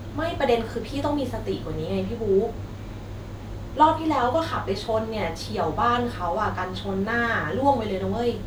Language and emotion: Thai, frustrated